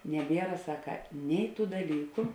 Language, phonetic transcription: Lithuanian, neˈbiera ˈsaka ˈnei ˌtų daˈlyku

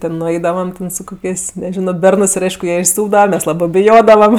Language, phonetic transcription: Lithuanian, ti nuˈaidavam ˈten su ˈkokės' neˈžino ˈbernɜs ˈir ˈaišku ˈjie išsūpdava ˈmes ˈlabɜ biˈjodavam

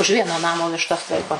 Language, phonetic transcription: Lithuanian, už ˈvieno ˈnamo višˈtas ˈlaiko

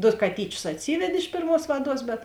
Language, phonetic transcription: Lithuanian, ˈdo kaˈtyčius atˈsyved' iš ˈpėrˌmuos ˈvaˌduos bet

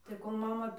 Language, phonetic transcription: Lithuanian, tai ˈkol ˈmama

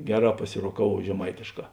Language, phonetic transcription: Lithuanian, ˈgeˌrā pasiroˈkavuov žeˈmaitėšˌkā

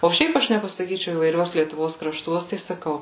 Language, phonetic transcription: Lithuanian, o ˈšiaip ˈaš nepasaˈkyčiau įvaiˈriuos lietuˈvos kraˈštuos tai saˈkau

